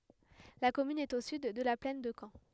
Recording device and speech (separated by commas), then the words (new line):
headset microphone, read sentence
La commune est au sud de la plaine de Caen.